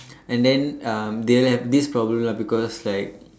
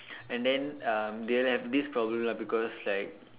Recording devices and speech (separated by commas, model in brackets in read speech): standing microphone, telephone, conversation in separate rooms